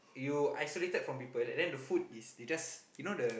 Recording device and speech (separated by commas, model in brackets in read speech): boundary microphone, conversation in the same room